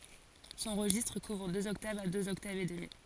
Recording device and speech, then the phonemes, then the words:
forehead accelerometer, read sentence
sɔ̃ ʁəʒistʁ kuvʁ døz ɔktavz a døz ɔktavz e dəmi
Son registre couvre deux octaves à deux octaves et demie.

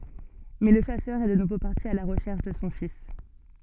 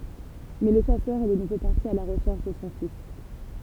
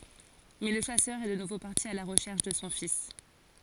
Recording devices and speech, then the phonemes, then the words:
soft in-ear microphone, temple vibration pickup, forehead accelerometer, read sentence
mɛ lə ʃasœʁ ɛ də nuvo paʁti a la ʁəʃɛʁʃ də sɔ̃ fis
Mais le chasseur est de nouveau parti à la recherche de son fils.

